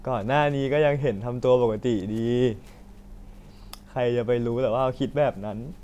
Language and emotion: Thai, sad